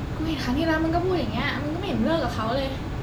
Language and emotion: Thai, frustrated